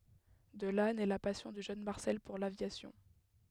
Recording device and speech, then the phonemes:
headset microphone, read sentence
də la nɛ la pasjɔ̃ dy ʒøn maʁsɛl puʁ lavjasjɔ̃

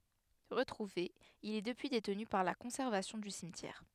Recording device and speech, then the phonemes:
headset microphone, read sentence
ʁətʁuve il ɛ dəpyi detny paʁ la kɔ̃sɛʁvasjɔ̃ dy simtjɛʁ

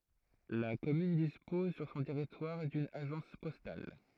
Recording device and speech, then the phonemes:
throat microphone, read sentence
la kɔmyn dispɔz syʁ sɔ̃ tɛʁitwaʁ dyn aʒɑ̃s pɔstal

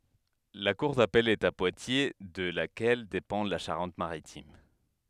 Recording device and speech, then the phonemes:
headset microphone, read sentence
la kuʁ dapɛl ɛt a pwatje də lakɛl depɑ̃ la ʃaʁɑ̃t maʁitim

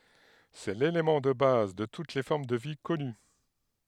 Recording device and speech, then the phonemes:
headset microphone, read sentence
sɛ lelemɑ̃ də baz də tut le fɔʁm də vi kɔny

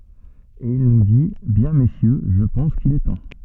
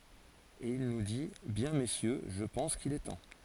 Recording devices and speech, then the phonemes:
soft in-ear microphone, forehead accelerometer, read sentence
e il nu di bjɛ̃ mesjø ʒə pɑ̃s kil ɛ tɑ̃

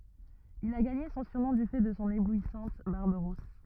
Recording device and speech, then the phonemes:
rigid in-ear microphone, read sentence
il a ɡaɲe sɔ̃ syʁnɔ̃ dy fɛ də sɔ̃ eblwisɑ̃t baʁb ʁus

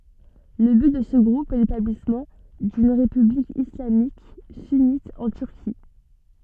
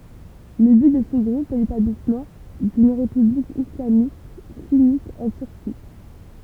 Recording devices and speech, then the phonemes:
soft in-ear microphone, temple vibration pickup, read sentence
lə byt də sə ɡʁup ɛ letablismɑ̃ dyn ʁepyblik islamik synit ɑ̃ tyʁki

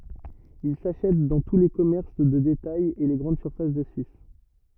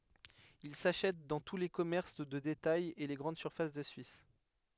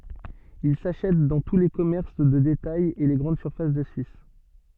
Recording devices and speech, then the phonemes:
rigid in-ear microphone, headset microphone, soft in-ear microphone, read sentence
il saʃɛt dɑ̃ tu le kɔmɛʁs də detajz e le ɡʁɑ̃d syʁfas də syis

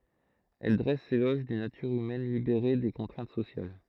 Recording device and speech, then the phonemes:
throat microphone, read sentence
ɛl dʁɛs lelɔʒ dyn natyʁ ymɛn libeʁe de kɔ̃tʁɛ̃t sosjal

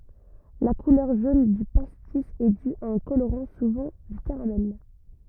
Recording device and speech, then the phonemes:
rigid in-ear microphone, read sentence
la kulœʁ ʒon dy pastis ɛ dy a œ̃ koloʁɑ̃ suvɑ̃ dy kaʁamɛl

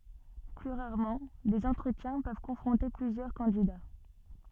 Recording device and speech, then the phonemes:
soft in-ear microphone, read sentence
ply ʁaʁmɑ̃ dez ɑ̃tʁətjɛ̃ pøv kɔ̃fʁɔ̃te plyzjœʁ kɑ̃dida

